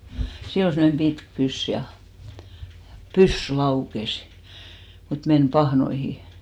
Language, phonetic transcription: Finnish, 'sill ‿ol semmᵒnem 'ʙitk "pys ja , "pyssy 'laukes , mut 'men "pahnoihi .
- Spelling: sillä oli semmoinen pitkä pyssy ja pyssy laukesi mutta meni pahnoihin

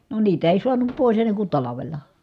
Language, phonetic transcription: Finnish, no niit ‿èi suanup pòis enneŋ kun talavel̆la .
- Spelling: no niitä ei saanut pois ennen kuin talvella

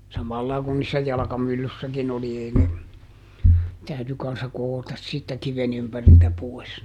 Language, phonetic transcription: Finnish, ˈsamallai kun niissä ˈjalᵃkamyllyssäkiˈn ‿oli ˈei ne , ˈtäyty kanssa ˈko₍otas siittä ˈkiven ‿ympäriltä ˈpoi̮s ne .
- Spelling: samalla lailla kuin niissä jalkamyllyissäkin oli ei ne täytyi kanssa koota siitä kiven ympäriltä pois ne

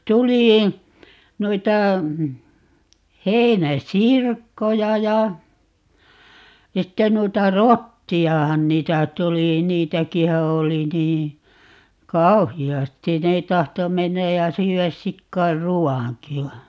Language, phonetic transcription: Finnish, 'tuli , 'muita , 'hei̮nä"sirkkoja ja , 'sitten 'nuita "rotti₍ahan 'niitä 'tuli , 'niitäkihä "oli 'nii , "kauhi₍astin - ne 'tahto 'mennäj ja 'syy₍äs 'sikkair "ruwaŋki va , .
- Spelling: tuli muita heinäsirkkoja ja sitten noita rottiahan niitä tuli niitäkinhän oli niin kauheasti ne tahtoi mennä ja syödä sikojen ruoankin vaan

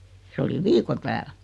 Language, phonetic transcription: Finnish, 'se oli "viiko 'tääl .
- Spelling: se oli viikon täällä

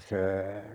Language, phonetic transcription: Finnish, 'se ,.
- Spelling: se

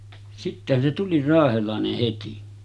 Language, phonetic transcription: Finnish, 'sittehän se tuli "raahelàeneh 'heti .
- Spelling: sittenhän se tuli raahelainen heti

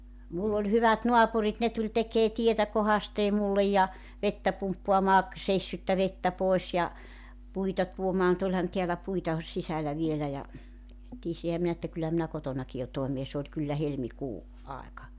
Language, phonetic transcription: Finnish, 'mull ‿oĺ 'hyvät "noapurit 'ne tuĺ 'tekee 'tietä 'kohastee 'mullej ja , 'vettä 'pumppoamaa , 'seissyttä 'vettä 'pòes ja , 'puita tuomaa (mu)'t ‿oĺhan 'tiälä 'puita , 'sisälä 'vielä ja , 'tiesihä minä että 'kyllä minä 'kotonaki jo 'toemee 's ‿ooĺ kyllä 'helmi"kuu , 'aeka .
- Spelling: minulla oli hyvät naapurit ne tuli tekemään tietä kohdasteen minulle ja vettä pumppaamaan seissyttä vettä pois ja puita tuomaan mutta olihan täällä puita sisällä vielä ja tiesinhän minä että kyllä minä kotonakin jo toimeen se oli kyllä helmikuu aika

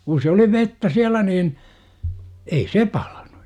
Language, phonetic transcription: Finnish, kun̬ se oli "vettä 'siälä niin , 'ei "se 'paLANU .
- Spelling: kun se oli vettä siellä niin ei se palanut

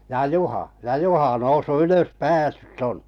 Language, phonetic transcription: Finnish, » ja "Juha , ja "Juha 'noussu 'ylös "päässytt ‿on . «
- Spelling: ja Juha ja Juha noussut ylös päässyt on

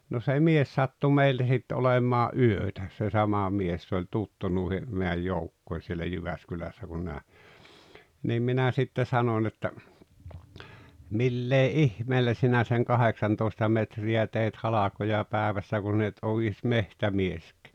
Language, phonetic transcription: Finnish, no se "mies sattu "meillä sit 'olemaa’ "’yötä , se 'sama 'mies se oĺ "tuttu nùihe , meäj "joukkoi sielä 'Jyväskylässä kun (nää) , niim 'minä sitte 'sanoⁱn ‿että , » 'millee "’ihmeellä 'sinä seŋ "kaheksantooesta 'metri₍ä teit 'halakoja 'päᵉvässä ku sin ‿et ’ou ies "mehtämiesk[ään] « .
- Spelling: no se mies sattui meillä sitten olemaan yötä se sama mies se oli tuttu noihin meidän joukkoihin siellä Jyväskylässä kun nämä niin minä sitten sanoin että millä ihmeellä sinä sen kahdeksantoista metriä teit halkoja päivässä kun sinä et ole edes metsämieskään

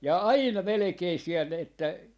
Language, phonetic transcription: Finnish, ja "aina 'melᵉkei siɛl ‿että , .
- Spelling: ja aina melkein siellä että

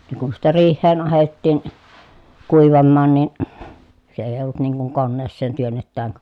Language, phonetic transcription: Finnish, ne kun sittä riih̆heen ahettiin , kuivammaan nìn , se eij ‿olt niŋ kuŋ konneesseen työnnettääŋ k- ,.
- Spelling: ne kun sitten riiheen ahdettiin kuivamaan niin se ei ollut niin kuin koneeseen työnnetään -

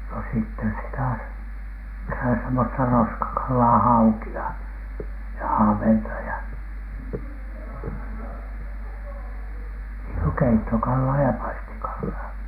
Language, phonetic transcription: Finnish, no sitten sitä , sitä semmosta "roskakallaa , "hauki₍a ja "ahventa ja , niiŋ ku "keittokallaa ja "paistikallaa .
- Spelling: no sitten sitä sitä semmoista roskakalaa haukia ja ahventa ja niin kuin keittokalaa ja paistikalaa

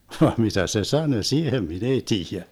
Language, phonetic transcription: Finnish, vaam 'mitä se "sanö 'siihem 'min ‿ei 'tiijä .
- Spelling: vaan mitä se sanoi siihen minä ei tiedä

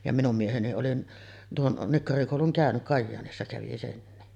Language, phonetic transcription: Finnish, ja 'minum 'mieheni oli tuon , "nikkarikòuluŋ "kä̀öny’ , 'Kajjaanissa kävi 'senni .
- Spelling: ja minun mieheni oli tuon nikkarikoulun käynyt Kajaanissa kävi senkin

